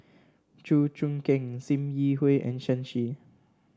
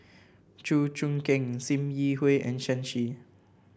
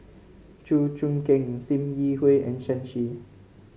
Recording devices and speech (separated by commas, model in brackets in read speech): standing microphone (AKG C214), boundary microphone (BM630), mobile phone (Samsung C5), read sentence